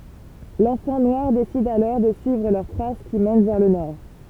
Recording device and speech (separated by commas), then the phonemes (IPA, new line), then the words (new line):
temple vibration pickup, read sentence
lɑ̃fɑ̃ nwaʁ desid alɔʁ də syivʁ lœʁ tʁas ki mɛn vɛʁ lə nɔʁ
L'enfant noir décide alors de suivre leurs traces qui mènent vers le nord.